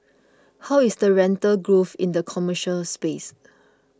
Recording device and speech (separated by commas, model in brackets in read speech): close-talking microphone (WH20), read sentence